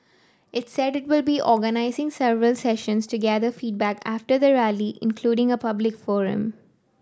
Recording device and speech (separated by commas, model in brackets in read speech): standing microphone (AKG C214), read sentence